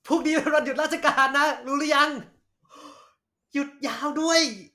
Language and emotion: Thai, happy